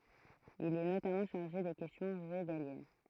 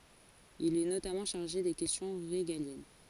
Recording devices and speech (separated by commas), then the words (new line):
throat microphone, forehead accelerometer, read sentence
Il est notamment chargé des questions régaliennes.